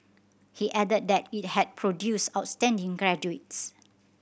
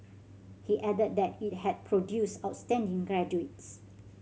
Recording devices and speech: boundary microphone (BM630), mobile phone (Samsung C7100), read sentence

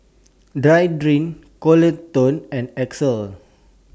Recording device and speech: standing microphone (AKG C214), read sentence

